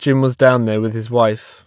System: none